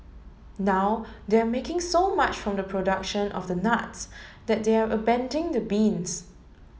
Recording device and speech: mobile phone (Samsung S8), read sentence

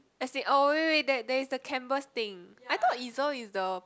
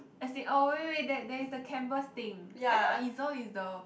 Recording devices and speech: close-talking microphone, boundary microphone, conversation in the same room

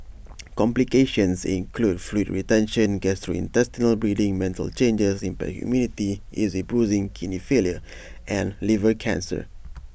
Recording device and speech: boundary microphone (BM630), read sentence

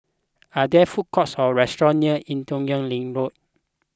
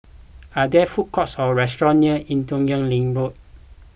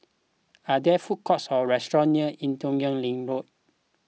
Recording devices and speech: close-talking microphone (WH20), boundary microphone (BM630), mobile phone (iPhone 6), read sentence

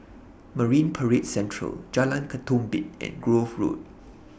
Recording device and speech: boundary microphone (BM630), read sentence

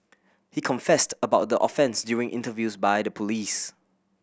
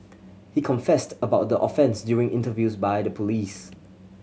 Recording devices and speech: boundary microphone (BM630), mobile phone (Samsung C7100), read sentence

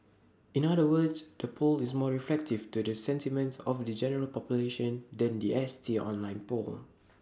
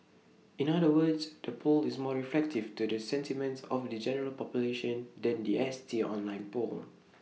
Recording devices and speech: standing microphone (AKG C214), mobile phone (iPhone 6), read sentence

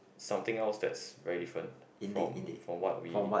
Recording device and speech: boundary microphone, conversation in the same room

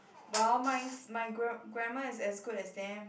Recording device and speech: boundary microphone, conversation in the same room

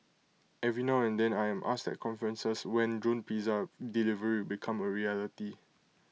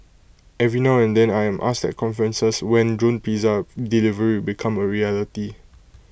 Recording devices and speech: mobile phone (iPhone 6), boundary microphone (BM630), read sentence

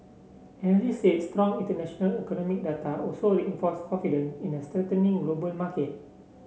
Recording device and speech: mobile phone (Samsung C7), read sentence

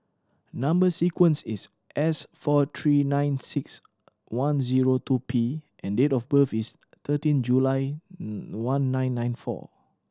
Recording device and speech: standing microphone (AKG C214), read sentence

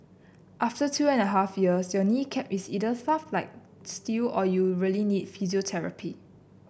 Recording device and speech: boundary microphone (BM630), read sentence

